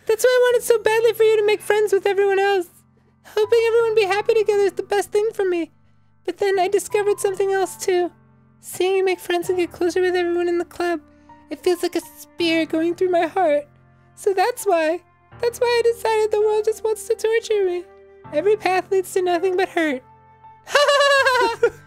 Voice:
Falsetto